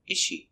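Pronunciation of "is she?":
In 'is she', the s of 'is' is not heard before the sh sound.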